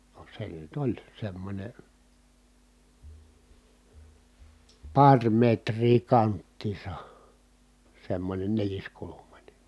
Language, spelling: Finnish, no se nyt oli semmoinen pari metriä kanttiinsa semmoinen neliskulmainen
- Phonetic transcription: no se nyt ‿oĺ semmońe , paŕ metrii kanttiisa , semmońen neliskulumańe .

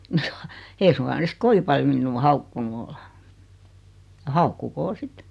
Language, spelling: Finnish, ei suinkaan ne siksi kovin paljon minua haukkunut ole ja haukkukoot sitten
- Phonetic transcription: 'eei suŋka ne sik 'kovi paljo 'minnuu "haukkunu ol , ja "haukkukoo 'sit .

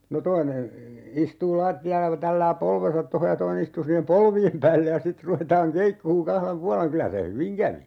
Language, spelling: Finnish, no toinen istuu lattialla kun tällää polvensa tuohon ja toinen istuu siihen polvien päälle ja sitten ruvetaan keikkumaan kahden puolen kyllä se hyvin kävi
- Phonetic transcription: no 'toine , 'istuu "laatti₍alla (ku) 'tällää "polven̬sat 'toho ja 'toine istuu siihem "polvi₍em 'päälle ja 'sit ruvetaaŋ "keikkuuŋ 'kahlem "pualeŋ 'kylä se "hyviŋ 'kävi .

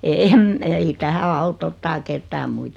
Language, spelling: Finnish, en ei tähän auta ottaa ketään muita
- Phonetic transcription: 'eem , ei 'tähä 'aut ‿ottaa 'kettää 'muit .

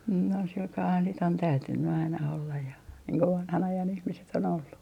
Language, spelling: Finnish, - on sillä kalellahan sitten on täytynyt aina olla ja niin kuin vanhan ajan ihmiset on ollut
- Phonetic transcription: n - on silkaahan sit ‿on 'täytynny aina ollaj ja , niiŋ ko "vanhan 'ajan 'ihmiset ‿on ollu .

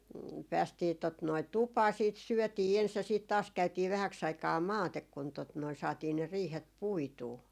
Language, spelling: Finnish, päästiin tuota noin tupaan sitten syötiin ensin ja sitten taas käytiin vähäksi aikaa maate kun tuota noin saatiin ne riihet puitua
- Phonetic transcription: 'päästii tot noi "tupaa siit "syɔ̈̀tii 'ens ja , siit 'taas käytii 'vähäks ‿aikaa "maatek kun tot noi 'saatii ne 'riihet "puituu .

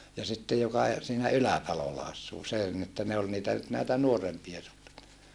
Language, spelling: Finnish, ja sitten joka - siinä Ylätalolla asuu se oli niin että ne oli niitä nyt näitä nuorempia suutareita
- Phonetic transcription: ja sitte joka e- , siinä Ylätalolla assuu se ol ni että ne ol niitä nyt näitä nuorempia suuta(reita) .

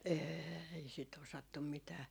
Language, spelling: Finnish, ei sitä osattu mitään
- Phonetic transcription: 'eei si't ‿osattum 'mitää .

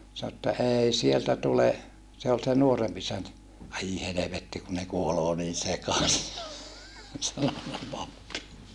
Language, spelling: Finnish, sanoi että ei sieltä tule se oli se nuorempi isäntä ai helvetti kun ne kuolee niin sekaisin oli sanonut pappi
- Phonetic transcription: » sano että » ei sieltä tule , se ol se nuoremp isäntä » , » ai helevetti ku ne kuoloo niin sekasi » , (ol) sanona pappi .

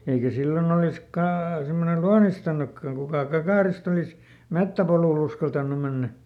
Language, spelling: Finnish, eikä silloin olisi - semmoinen luonnistunutkaan kukaan kakaroista olisi metsäpolulle uskaltanut mennä
- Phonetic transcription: eikä ˈsillon ‿olis kaa- , semmone "luanistanukkaŋ ˈkukà ˈkakàrist ‿olis , "mettäpolùˈl ‿uskaltannu ˈmennä .

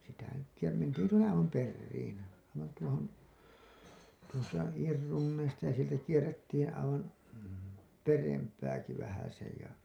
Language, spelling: Finnish, sitä nyt ja mentiin tuonne aivan perään aivan tuohon tuosta Iin Runneista ja sieltä kierrettiin aivan perempääkin vähäsen ja
- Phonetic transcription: sitä nyt , ja 'mentiin tuonne 'aivam "perriin , aivan tuohon , tuosta 'Iir 'Runneista ja sieltä 'kierrettiin aivan , 'perempääki vähäsej ja .

